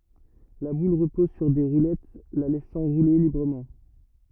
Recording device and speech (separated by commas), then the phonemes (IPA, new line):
rigid in-ear microphone, read sentence
la bul ʁəpɔz syʁ de ʁulɛt la lɛsɑ̃ ʁule libʁəmɑ̃